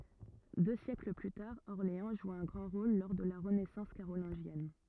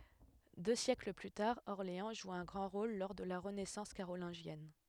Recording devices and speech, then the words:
rigid in-ear microphone, headset microphone, read sentence
Deux siècles plus tard, Orléans joue un grand rôle lors de la renaissance carolingienne.

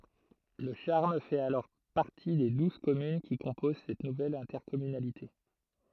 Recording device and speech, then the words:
throat microphone, read sentence
Le Charme fait alors partie des douze communes qui composent cette nouvelle intercommunalité.

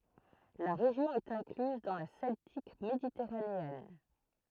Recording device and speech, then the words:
throat microphone, read sentence
La région est incluse dans la Celtique méditerranéenne.

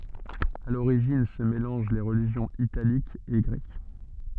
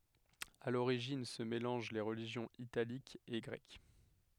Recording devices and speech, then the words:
soft in-ear microphone, headset microphone, read sentence
À l'origine se mélangent les religions italiques et grecques.

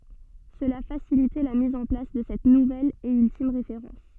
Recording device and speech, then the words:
soft in-ear microphone, read sentence
Cela facilitait la mise en place de cette nouvelle et ultime référence.

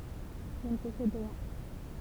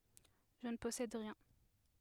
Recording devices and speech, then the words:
temple vibration pickup, headset microphone, read sentence
Je ne possède rien.

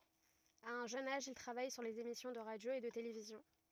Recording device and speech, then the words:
rigid in-ear microphone, read sentence
À un jeune âge, il travaille sur les émissions de radio et de télévision.

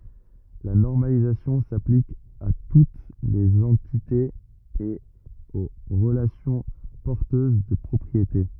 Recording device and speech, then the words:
rigid in-ear microphone, read sentence
La normalisation s’applique à toutes les entités et aux relations porteuses de propriétés.

